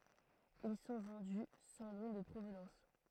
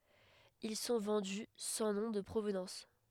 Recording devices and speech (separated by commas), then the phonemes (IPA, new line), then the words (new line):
throat microphone, headset microphone, read sentence
il sɔ̃ vɑ̃dy sɑ̃ nɔ̃ də pʁovnɑ̃s
Ils sont vendus sans nom de provenance.